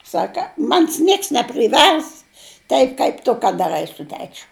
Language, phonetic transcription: Lithuanian, ˈsaka ˈmanis ˈnieks nepriˈvers ˈtaip kaip ˈtu kad daˈrai su ˈtečiu

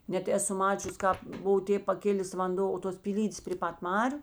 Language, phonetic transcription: Lithuanian, ˈnet ˈeˌsu ˈmačius ˈkāp ˈbuvo ˈtėp paˈkilės vanˈdo o tos pyˈlydės prė ˈpat ˈmariu

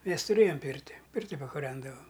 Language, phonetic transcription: Lithuanian, ˈmes tuˈrėjom ˈpyrti ˈpirti pakuˈrendavam

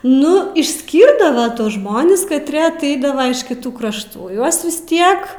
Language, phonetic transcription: Lithuanian, ˈnu išˈskyrdava ˈtuos ˈžmonis katˈrė aˈteidava iš kiˈtų krašˈtų ˈjuos vis ˈtiek

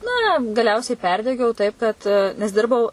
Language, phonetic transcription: Lithuanian, na gaˈliausiai ˈperdegiau ˈtaip kad nes ˈdirbau

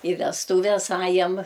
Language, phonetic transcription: Lithuanian, i vesˈtūves ˈajam

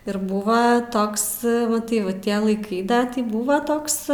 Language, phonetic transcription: Lithuanian, ir ˈbūva ˈtoks ˈva tai ˈva ˈtie laiˈkai ˈda ˈtį ˈbūva ˈtoks

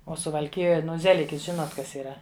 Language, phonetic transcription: Lithuanian, o suvalˈkijoj ˈnu ˈzelikis ˈžinot ˈkas yˈra

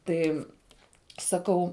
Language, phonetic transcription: Lithuanian, ˈtai saˈkau

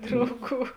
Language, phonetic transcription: Lithuanian, ˈdrauˌgų

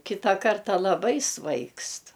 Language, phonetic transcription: Lithuanian, ˈkitą ˈkarta laˈbai ˈsvaigst

